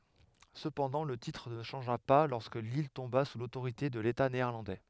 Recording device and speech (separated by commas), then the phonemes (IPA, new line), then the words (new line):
headset microphone, read sentence
səpɑ̃dɑ̃ lə titʁ nə ʃɑ̃ʒa pa lɔʁskə lil tɔ̃ba su lotoʁite də leta neɛʁlɑ̃dɛ
Cependant, le titre ne changea pas lorsque l'île tomba sous l'autorité de l'État néerlandais.